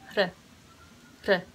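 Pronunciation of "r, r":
A tap T is said twice. It is a softened T, not a hard T, made like a trill that is done only once.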